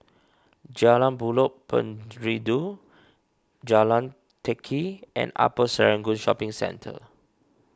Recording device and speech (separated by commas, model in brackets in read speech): standing microphone (AKG C214), read sentence